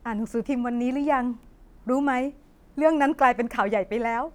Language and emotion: Thai, sad